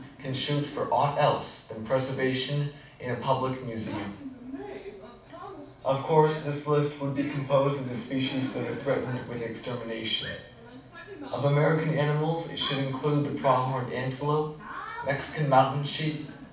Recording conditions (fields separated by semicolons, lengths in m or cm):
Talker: one person; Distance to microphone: 5.8 m; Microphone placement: far; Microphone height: 1.8 m; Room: medium-sized (5.7 m by 4.0 m); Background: television